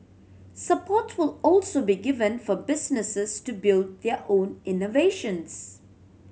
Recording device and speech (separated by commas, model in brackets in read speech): mobile phone (Samsung C7100), read sentence